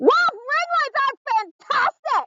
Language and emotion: English, disgusted